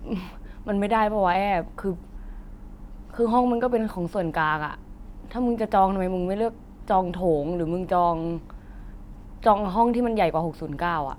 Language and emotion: Thai, frustrated